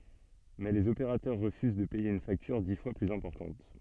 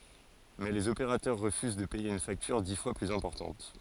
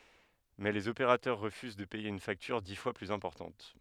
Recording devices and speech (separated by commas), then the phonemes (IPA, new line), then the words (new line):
soft in-ear microphone, forehead accelerometer, headset microphone, read sentence
mɛ lez opeʁatœʁ ʁəfyz də pɛje yn faktyʁ di fwa plyz ɛ̃pɔʁtɑ̃t
Mais les opérateurs refusent de payer une facture dix fois plus importante.